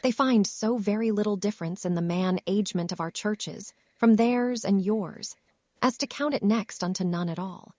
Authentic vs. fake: fake